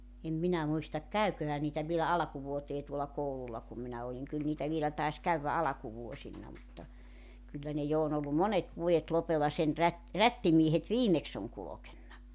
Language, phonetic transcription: Finnish, 'em 'minä muistak 'käyköhä niitä vielä 'alᵃkuvuotee tuola 'koulul̆la kum minä oliŋ 'kyl niitä 'vielä tais 'käyvvä "alakuvuosinna mutta , 'kyllä ne 'jo on ‿ollu "monet 'vuojet 'lopella sen rät- , "rättimiehet "viimeks ‿oŋ 'kulokenna .
- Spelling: en minä muista käviköhän niitä vielä alkuvuoteen tuolla koululla kun minä olin kyllä niitä vielä taisi käydä alkuvuosina mutta kyllä ne jo on ollut monet vuodet lopella sen - rättimiehet viimeksi on kulkenut

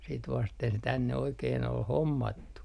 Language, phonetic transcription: Finnish, sit vasten se tänne oikeen ‿ol "hommattu .
- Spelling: sitä vasten se tänne oikein oli hommattu

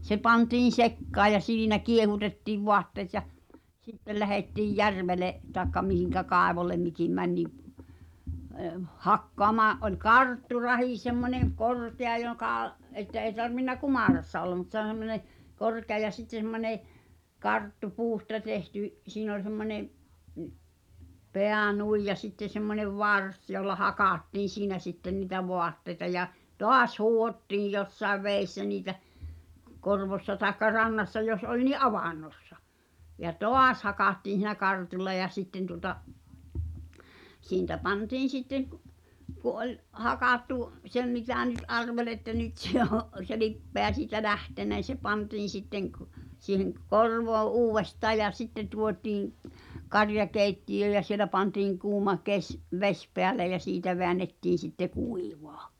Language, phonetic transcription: Finnish, se pantiin̬ "sekkaa ja 'siinä 'kiehutetti̳v 'voatteet ja , 'sittel lähetti̳j "järvele , tàekka mihiŋkä "kàevolem mikim̆ 'mäń ni , (ee-) "hakkoamaa’ , ’oĺ "kartturahi semmońe , "korkea jokà , '’että ’eĭ tarvinna "kumàrassa olla mᵘt s(e ‿on) semmone , 'korkea ja sitte semmońe , "karttu 'puusta 'tehty , 'siin ‿ol semmońe’ , "peä nuij ja 'sitte semmońev "vars jolla "hakàttiin̬ 'siinä sitten ni̳tä "voatteĭta ja , "toas 'huuhottiij 'jossaev 'vèissä niitä , 'korvossa taekka 'rannassa jos 'oĺ ni "’avàn̆nossa ja "tò̳à̳s hakàttiin̬ (s)i̳nä 'kartulla ja 'sitten tuŏta , 'siin̳tä pantiin̬ sitteŋ k- , ku ’oĺ , 'hakàttu , 'sem mitä̀ nyt 'arvel ‿että 'nyt se ‿o , se "lippeä siitä "lähtenᵃ̈ [n]i se 'pantiin̬ sitteŋ k- , siiheŋ ᵏ- "korvoo '’uuwvestaa ja 'sitte tuotiiŋ , 'karjakèitti ʲöö ja sielä pantiiŋ 'kuuma , 'keś , "veś peäle ja 'siitä veännettiin̬ sitte 'kuivᴀᴀ .
- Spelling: se pantiin sekaan ja siinä kiehutettiin vaatteet ja sitten lähdettiin järvelle tai mihin kaivolle mikin meni niin - hakkaamaan oli kartturahi semmoinen korkea joka että ei tarvinnut kumarassa olla mutta se on semmoinen korkea ja sitten semmoinen karttu puusta tehty siinä oli semmoinen pää noin ja sitten semmoinen varsi jolla hakattiin siinä sitten niitä vaatteita ja taas huuhdottiin jossakin vedessä niitä korvossa tai rannassa jos oli niin avannossa ja taas hakattiin siinä kartulla ja sitten tuota siitä pantiin sitten - kun oli hakattu sen mitä nyt arveli että nyt se on se lipeä siitä lähtenyt niin se pantiin sitten - siihen - korvoon uudestaan ja sitten tuotiin - karjakeittiöön ja siellä pantiin kuuma - vesi päälle ja siitä väännettiin sitten kuivaa

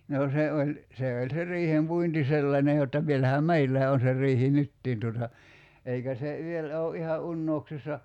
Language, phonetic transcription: Finnish, noo 'se oĺ , 'se oĺ se "riihem'puinti 'sellańe jotta , 'vielähä "meillää on se 'r̀iihi "nyttiin tuota , 'eikä se 'vielä o '’iha "’unnouksissa ,.
- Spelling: no se oli se oli se riihenpuinti sellainen jotta vielähän meilläkin on se riihi nytkin tuota eikä se vielä ole ihan unohduksissa

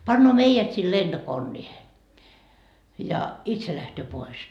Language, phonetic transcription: Finnish, 'pannoo "meijät sil 'lenDokonniihe , ja , "itse lähtöö 'pois .
- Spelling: panee meidät sinne lentokoneeseen ja itse lähtee pois

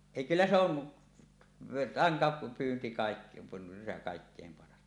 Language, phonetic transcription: Finnish, 'èi kyllä se ‿on , 'rantapyynti kàik- , 'kàikkèim paras .
- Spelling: ei kyllä se on rantapyynti - kaikkein paras

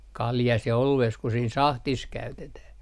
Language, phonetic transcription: Finnish, 'kaljas ja 'olu₍ees ku siin 'sahtis "käytetäh .
- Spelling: kaljassa ja oluessa kuin siinä sahdissa käytetään

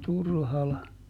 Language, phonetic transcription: Finnish, ˈTurhala .
- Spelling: Turhala

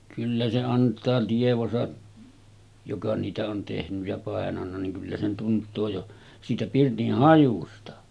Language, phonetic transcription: Finnish, kyllä se 'ant̀aa tievosa , joka niitä on tehnyj ja 'pàenanna niŋ kyllä se 'tunt̆too jo , siitä 'pirtih "hajusta .
- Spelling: kyllä se antaa tietonsa joka niitä on tehnyt ja painanut niin kyllä se tuntee jo siitä pirtin hajusta

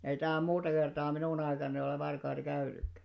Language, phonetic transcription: Finnish, ei tähäm 'muuta kertaa 'minùn ‿aikanani ole varkaita 'käynykkä .
- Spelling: ei tähän muuta kertaa minun aikanani ole varkaita käynytkään

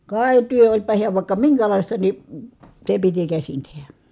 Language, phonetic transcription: Finnish, kài̮ työ oĺpa hiäv vài̮kka miŋkälàista ni , se piti käsin tehä .
- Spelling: kai työ olipa hän vaikka minkälaista niin se piti käsin tehdä

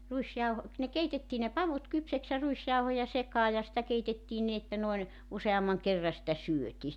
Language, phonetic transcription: Finnish, 'ruisjauho- , ne 'keitettii ne 'pavut 'kypsäks ja 'ruisjauhoja 'sekaa ja sⁱtä 'keitettiin nin ‿että noin , 'useammaŋ 'kerra sⁱtä "syötii .
- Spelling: - ne keitettiin ne pavut kypsäksi ja ruisjauhoja sekaan ja sitä keitettiin niin että noin useamman kerran sitä syötiin

